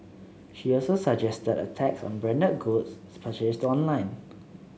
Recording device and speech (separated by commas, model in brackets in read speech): mobile phone (Samsung C7), read sentence